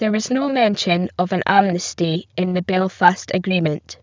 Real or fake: fake